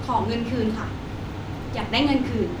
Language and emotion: Thai, angry